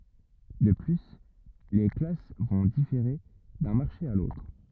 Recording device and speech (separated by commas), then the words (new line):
rigid in-ear microphone, read sentence
De plus, les classes vont différer d'un marché à l'autre.